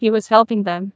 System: TTS, neural waveform model